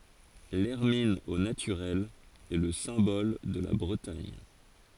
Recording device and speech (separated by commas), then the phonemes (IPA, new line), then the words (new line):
forehead accelerometer, read sentence
lɛʁmin o natyʁɛl ɛ lə sɛ̃bɔl də la bʁətaɲ
L'hermine au naturel est le symbole de la Bretagne.